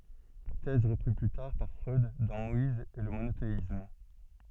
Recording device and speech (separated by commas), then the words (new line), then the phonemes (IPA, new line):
soft in-ear microphone, read sentence
Thèse reprise plus tard par Freud dans Moïse et le monothéisme.
tɛz ʁəpʁiz ply taʁ paʁ fʁœd dɑ̃ mɔiz e lə monoteism